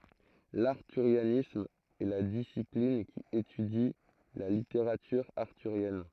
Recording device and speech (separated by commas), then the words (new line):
throat microphone, read sentence
L’arthurianisme est la discipline qui étudie la littérature arthurienne.